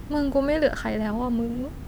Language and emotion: Thai, sad